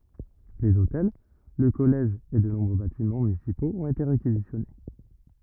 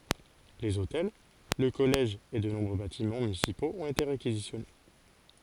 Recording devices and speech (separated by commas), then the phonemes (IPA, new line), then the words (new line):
rigid in-ear microphone, forehead accelerometer, read sentence
lez otɛl lə kɔlɛʒ e də nɔ̃bʁø batimɑ̃ mynisipoz ɔ̃t ete ʁekizisjɔne
Les hôtels, le collège et de nombreux bâtiments municipaux ont été réquisitionnés.